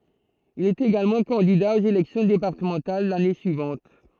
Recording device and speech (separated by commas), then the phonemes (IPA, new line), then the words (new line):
throat microphone, read sentence
il ɛt eɡalmɑ̃ kɑ̃dida oz elɛksjɔ̃ depaʁtəmɑ̃tal lane syivɑ̃t
Il est également candidat aux élections départementales l'année suivante.